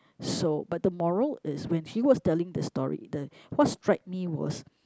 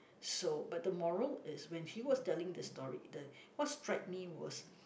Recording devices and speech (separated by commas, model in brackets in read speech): close-talking microphone, boundary microphone, conversation in the same room